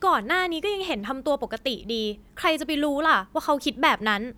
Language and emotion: Thai, frustrated